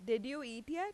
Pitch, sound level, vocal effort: 270 Hz, 91 dB SPL, loud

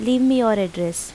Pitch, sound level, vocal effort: 220 Hz, 85 dB SPL, normal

